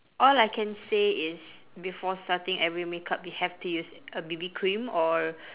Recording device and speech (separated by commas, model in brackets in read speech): telephone, conversation in separate rooms